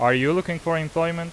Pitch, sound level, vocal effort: 165 Hz, 91 dB SPL, loud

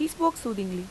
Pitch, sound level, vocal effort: 235 Hz, 87 dB SPL, normal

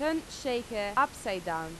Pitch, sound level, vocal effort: 240 Hz, 91 dB SPL, loud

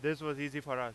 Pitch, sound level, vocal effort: 145 Hz, 98 dB SPL, very loud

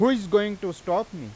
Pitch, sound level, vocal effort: 200 Hz, 95 dB SPL, loud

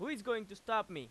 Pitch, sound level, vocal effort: 220 Hz, 97 dB SPL, very loud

